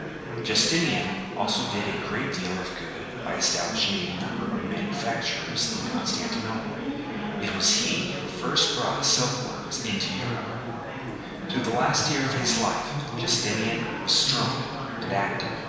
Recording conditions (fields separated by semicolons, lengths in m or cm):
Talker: one person; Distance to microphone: 1.7 m; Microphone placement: close; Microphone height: 1.0 m; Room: very reverberant, large; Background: babble